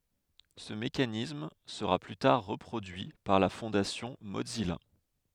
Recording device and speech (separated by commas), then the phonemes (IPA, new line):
headset microphone, read sentence
sə mekanism səʁa ply taʁ ʁəpʁodyi paʁ la fɔ̃dasjɔ̃ mozija